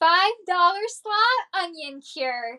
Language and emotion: English, happy